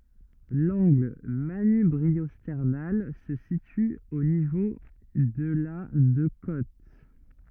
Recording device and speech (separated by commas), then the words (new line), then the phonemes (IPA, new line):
rigid in-ear microphone, read sentence
L'angle manubriosternal se situe au niveau de la de côtes.
lɑ̃ɡl manybʁiɔstɛʁnal sə sity o nivo də la də kot